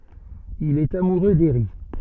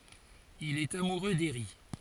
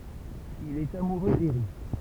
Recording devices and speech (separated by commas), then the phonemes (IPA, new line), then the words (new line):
soft in-ear microphone, forehead accelerometer, temple vibration pickup, read sentence
il ɛt amuʁø deʁi
Il est amoureux d’Eri.